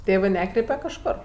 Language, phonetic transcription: Lithuanian, ˈtėvɜ ˈnekreipe kažˈkor

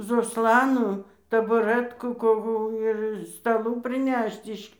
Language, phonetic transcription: Lithuanian, zoˈslanų tabuˈrɜtkų koˈkų ir staˈlų priˈnešt iš

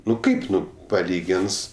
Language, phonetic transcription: Lithuanian, ˈnu ˈkaip ˈnu paˈlygins

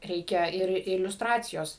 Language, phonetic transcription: Lithuanian, ˈreikia ir iliusˈtracijos

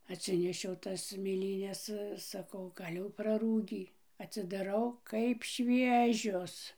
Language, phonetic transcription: Lithuanian, atˈsinešiau ˈtas mėˈlynes saˈkau ˈgal' jau praˈrūgį atsidaˈrau kaip ˈšviežios

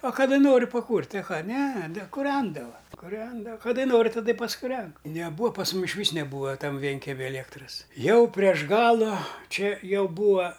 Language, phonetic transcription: Lithuanian, a kaˈda ˈnoriu paˈkūrti a ˈką ne ne kuˈrendava kuˈrenda kaˈdai ˈnori taˈda i paskuˈren neˈbūa pas ˈmum ˈišvys neˈbūa ˈtam ˈvienkemi aliekˈtras ˈjau prieš ˈgalu ˈčia ˈjau ˈbūa

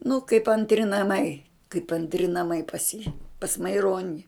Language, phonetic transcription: Lithuanian, nu kaip antˈri naˈmai kaip antˈri naˈmai pas jį pas maiˈroni

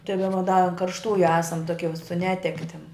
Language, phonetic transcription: Lithuanian, tai daˈba da an karšˈtųju ˈesam ˈtokie su ˈnetektim

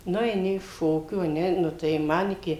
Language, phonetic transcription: Lithuanian, ˈnu eiˈni iš ˈšokių a ˈne ˈnu tai ˈman iˈki

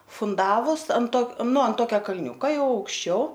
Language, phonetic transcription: Lithuanian, funˈdavus ant ˈto ˈnu an ˈtokia kalˈniūka ˈjau aukšˈčiau

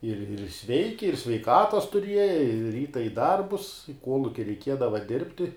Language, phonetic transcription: Lithuanian, ir ir ˈsveiki ir sveiˈkatas tuˈrieja i ˈryta i ˈdarbus i ˈkuoluki reiˈkiedava ˈdirbti

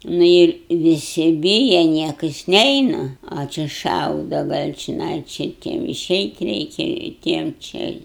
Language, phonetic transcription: Lithuanian, ˈnu ir viˈsi ˈbyja ˈniekas ˈneina a ˈči ˈšauda ˈgal' čiˈnai či ˈtiem iˈšeit' ˈreikia i ˈtiem ˈčia i

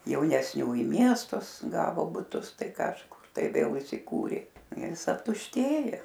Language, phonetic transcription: Lithuanian, jaunesˈnių i ˈmiestus ˈgavo buˈtus ˈtai kažˈkur tai vėl isiˈkūrė ˈjis aptušˈtėjo

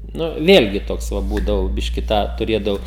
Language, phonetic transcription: Lithuanian, ˈnu ˈvėlgi ˈtoks ˈva ˈbūdavau ˈbiški ˈtą tuˈrėdavau

